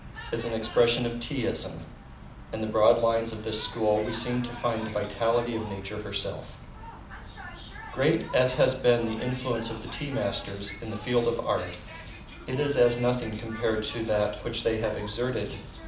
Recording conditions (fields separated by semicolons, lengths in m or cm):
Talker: one person; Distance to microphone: 2.0 m; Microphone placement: close; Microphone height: 99 cm; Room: medium-sized (5.7 m by 4.0 m); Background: television